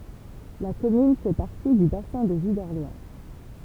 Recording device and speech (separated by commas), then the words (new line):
temple vibration pickup, read sentence
La commune fait partie du bassin de vie d'Orléans.